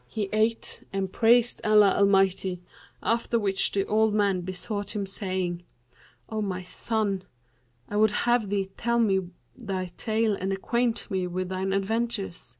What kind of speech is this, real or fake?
real